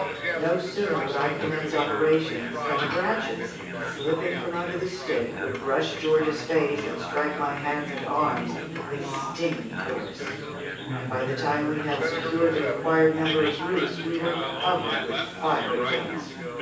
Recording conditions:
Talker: one person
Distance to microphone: 9.8 m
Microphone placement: far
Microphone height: 1.8 m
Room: large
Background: babble

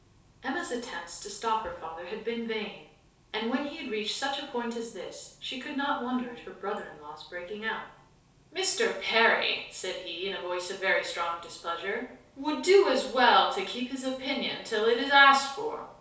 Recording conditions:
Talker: one person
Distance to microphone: 3.0 m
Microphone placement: far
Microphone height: 1.8 m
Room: small (3.7 m by 2.7 m)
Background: none

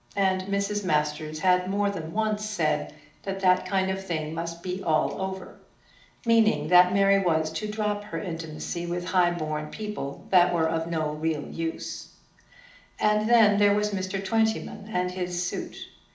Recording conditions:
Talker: one person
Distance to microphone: 2.0 m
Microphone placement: close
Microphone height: 99 cm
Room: medium-sized (5.7 m by 4.0 m)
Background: none

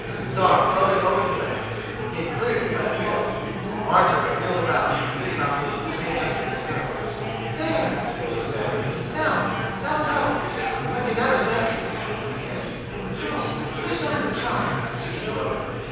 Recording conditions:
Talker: one person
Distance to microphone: 7.1 m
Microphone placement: far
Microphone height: 1.7 m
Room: very reverberant, large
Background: babble

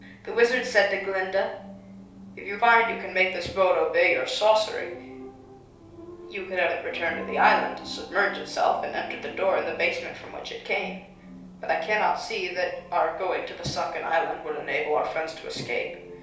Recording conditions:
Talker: one person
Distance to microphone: 3.0 m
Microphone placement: far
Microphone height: 1.8 m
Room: small (3.7 m by 2.7 m)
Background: television

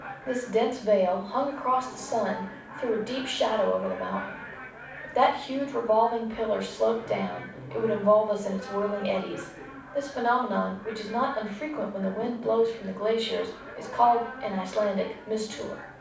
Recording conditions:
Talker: one person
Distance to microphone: 5.8 m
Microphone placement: far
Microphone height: 1.8 m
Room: medium-sized (5.7 m by 4.0 m)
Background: television

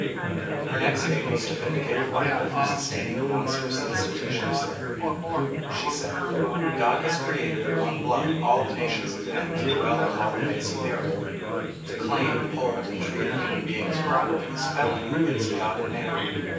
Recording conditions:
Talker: one person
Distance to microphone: 9.8 m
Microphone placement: far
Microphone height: 1.8 m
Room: large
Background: babble

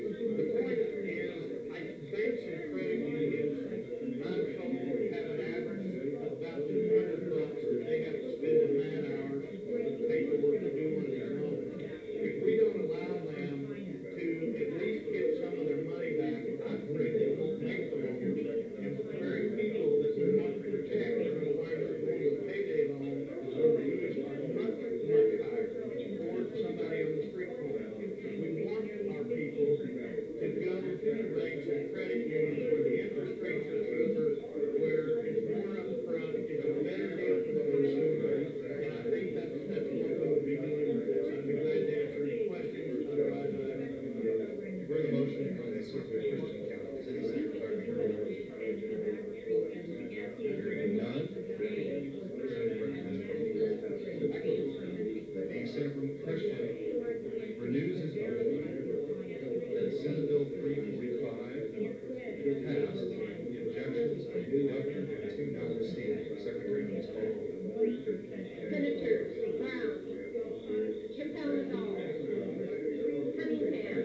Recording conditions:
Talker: no one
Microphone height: 25 cm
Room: medium-sized (5.7 m by 4.0 m)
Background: babble

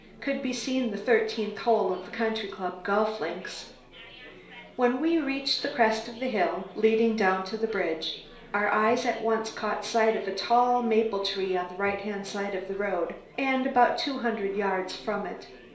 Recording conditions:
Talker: one person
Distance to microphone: 1.0 m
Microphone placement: close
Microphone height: 1.1 m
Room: small (3.7 m by 2.7 m)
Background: babble

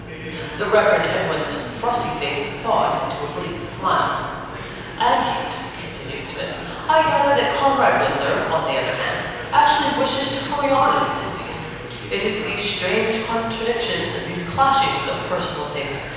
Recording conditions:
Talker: one person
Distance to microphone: 7.1 m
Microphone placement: far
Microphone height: 1.7 m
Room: very reverberant, large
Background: babble

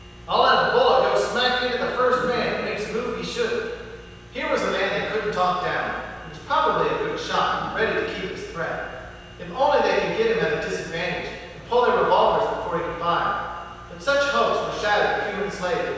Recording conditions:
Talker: one person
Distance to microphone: 7.1 m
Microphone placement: far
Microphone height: 1.7 m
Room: very reverberant, large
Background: none

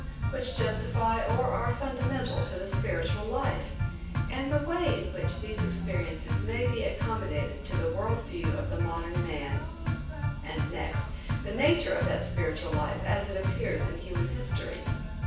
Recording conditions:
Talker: one person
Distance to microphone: 9.8 m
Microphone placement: far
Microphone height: 1.8 m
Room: large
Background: music

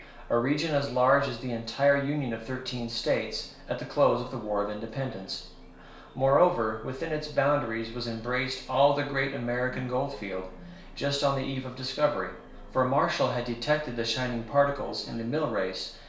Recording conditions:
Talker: one person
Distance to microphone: 1.0 m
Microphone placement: close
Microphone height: 1.1 m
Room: small (3.7 m by 2.7 m)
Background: television

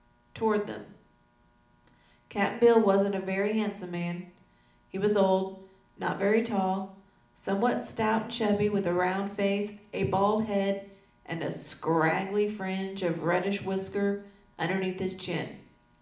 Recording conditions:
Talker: one person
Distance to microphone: 2.0 m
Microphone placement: close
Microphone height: 99 cm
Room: medium-sized (5.7 m by 4.0 m)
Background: none

